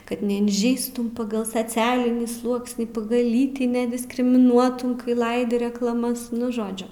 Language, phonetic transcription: Lithuanian, ˈkad neinˈžeistų ˈpagal saˈcialinį ˈsluoksnį ˈpagal ˈlytį nediskrimiˈnuotų ˈlaidi reklaˈmas ˈnu ˈžodžiu

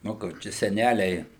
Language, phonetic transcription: Lithuanian, ˈnu kur ˈčia seˈnæliai

